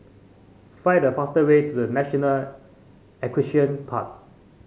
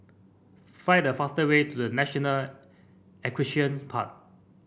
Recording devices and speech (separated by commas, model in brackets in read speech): mobile phone (Samsung C5), boundary microphone (BM630), read sentence